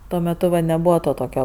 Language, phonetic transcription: Lithuanian, ˈtuo meˈtu va neˈbuvo ˈto ˈtokio

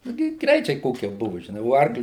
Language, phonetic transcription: Lithuanian, nu ˈgi ˈgreičiai ˈkokie ˈbuvu žiˈnai o ˈarkli

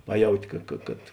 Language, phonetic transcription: Lithuanian, ˈpaˌjauti ˈka ka kad

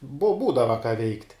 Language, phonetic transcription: Lithuanian, bu ˈbūdava ką veikt'

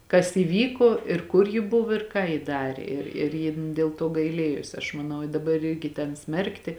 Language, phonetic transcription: Lithuanian, kas įˈvyko ir ˈkur ji ˈbuvo ir ką ji ˈdarė ir ir ˈjin dėl ˈto gaiˈlėjos aš maˈnau i daˈbar ˈirgi ten ˈsmerkti

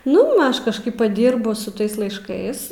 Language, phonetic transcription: Lithuanian, ˈnu m ˈaš kažˈkaip paˈdyrbu su ˈtais laišˈkais

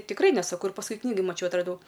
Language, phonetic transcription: Lithuanian, tikˈrai neˈsako ir pasˈkui ˈknygoj maˈčiau atraˈdau

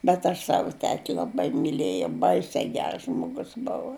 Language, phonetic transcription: Lithuanian, bet ˈaš ˈsavu ˈteti laˈbai miˈlėjau ˈbaise ˈgers ˈžmogus ˈbuvu

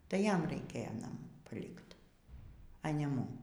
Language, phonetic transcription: Lithuanian, tai ˈjam raiˈkėja naˈmų paˈlikt a ne ˈmum

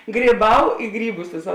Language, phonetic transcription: Lithuanian, gryˈbau ˈi gryˌbus ˈvėsa

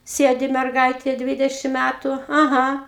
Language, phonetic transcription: Lithuanian, ˈsėdi merˈgaitė ˈdvidešim ˈmætu aˈha

